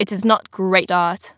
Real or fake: fake